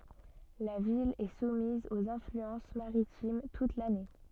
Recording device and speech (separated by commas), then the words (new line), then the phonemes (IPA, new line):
soft in-ear microphone, read sentence
La ville est soumise aux influences maritimes toute l'année.
la vil ɛ sumiz oz ɛ̃flyɑ̃s maʁitim tut lane